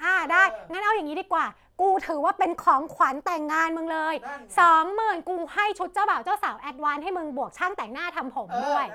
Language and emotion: Thai, happy